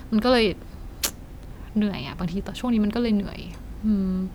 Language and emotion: Thai, frustrated